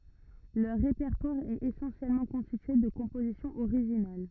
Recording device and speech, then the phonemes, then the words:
rigid in-ear microphone, read sentence
lœʁ ʁepɛʁtwaʁ ɛt esɑ̃sjɛlmɑ̃ kɔ̃stitye də kɔ̃pozisjɔ̃z oʁiʒinal
Leur répertoire est essentiellement constitué de compositions originales.

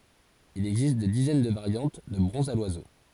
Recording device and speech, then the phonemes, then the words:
forehead accelerometer, read sentence
il ɛɡzist de dizɛn də vaʁjɑ̃t də bʁɔ̃zz a lwazo
Il existe des dizaines de variantes de bronzes à l'oiseau.

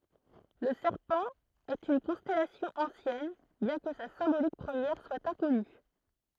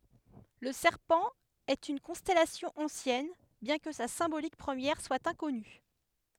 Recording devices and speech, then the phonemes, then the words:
throat microphone, headset microphone, read sentence
lə sɛʁpɑ̃ ɛt yn kɔ̃stɛlasjɔ̃ ɑ̃sjɛn bjɛ̃ kə sa sɛ̃bolik pʁəmjɛʁ swa ɛ̃kɔny
Le Serpent est une constellation ancienne, bien que sa symbolique première soit inconnue.

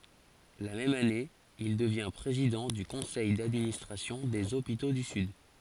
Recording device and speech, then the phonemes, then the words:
forehead accelerometer, read sentence
la mɛm ane il dəvjɛ̃ pʁezidɑ̃ dy kɔ̃sɛj dadministʁasjɔ̃ dez opito dy syd
La même année, il devient président du conseil d'administration des hôpitaux du Sud.

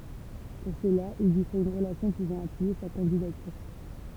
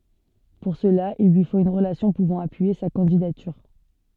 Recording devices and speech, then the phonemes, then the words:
temple vibration pickup, soft in-ear microphone, read sentence
puʁ səla il lyi fot yn ʁəlasjɔ̃ puvɑ̃ apyije sa kɑ̃didatyʁ
Pour cela, il lui faut une relation pouvant appuyer sa candidature.

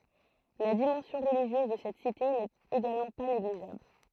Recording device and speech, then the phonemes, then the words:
throat microphone, read sentence
la dimɑ̃sjɔ̃ ʁəliʒjøz də sɛt site nɛt eɡalmɑ̃ pa neɡliʒabl
La dimension religieuse de cette cité n’est également pas négligeable.

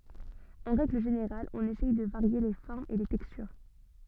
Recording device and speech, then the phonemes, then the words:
soft in-ear microphone, read sentence
ɑ̃ ʁɛɡl ʒeneʁal ɔ̃n esɛj də vaʁje le fɔʁmz e le tɛkstyʁ
En règle générale, on essaye de varier les formes et les textures.

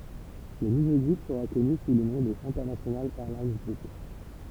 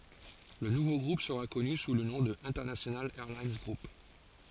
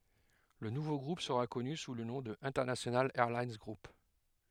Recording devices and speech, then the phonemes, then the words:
temple vibration pickup, forehead accelerometer, headset microphone, read sentence
lə nuvo ɡʁup səʁa kɔny su lə nɔ̃ də ɛ̃tɛʁnasjonal ɛʁlin ɡʁup
Le nouveau groupe sera connu sous le nom de International Airlines Group.

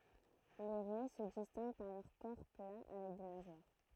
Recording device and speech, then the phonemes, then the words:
throat microphone, read sentence
le ʁɛ sə distɛ̃ɡ paʁ lœʁ kɔʁ pla avɛk de naʒwaʁ
Les raies se distinguent par leur corps plat avec des nageoires.

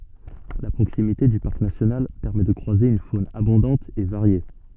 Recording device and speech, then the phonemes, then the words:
soft in-ear microphone, read sentence
la pʁoksimite dy paʁk nasjonal pɛʁmɛ də kʁwaze yn fon abɔ̃dɑ̃t e vaʁje
La proximité du parc national permet de croiser une faune abondante et variée.

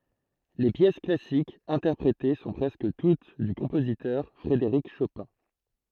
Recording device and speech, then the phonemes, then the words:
throat microphone, read sentence
le pjɛs klasikz ɛ̃tɛʁpʁete sɔ̃ pʁɛskə tut dy kɔ̃pozitœʁ fʁedeʁik ʃopɛ̃
Les pièces classiques interprétées sont presque toutes du compositeur Frédéric Chopin.

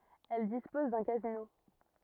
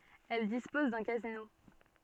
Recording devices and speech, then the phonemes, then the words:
rigid in-ear microphone, soft in-ear microphone, read sentence
ɛl dispɔz dœ̃ kazino
Elle dispose d'un casino.

